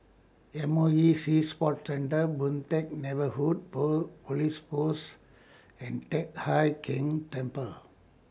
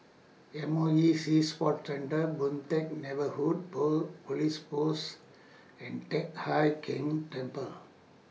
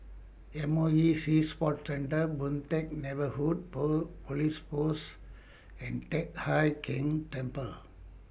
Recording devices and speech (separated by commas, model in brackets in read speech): standing microphone (AKG C214), mobile phone (iPhone 6), boundary microphone (BM630), read sentence